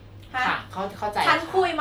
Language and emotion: Thai, frustrated